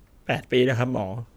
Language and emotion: Thai, sad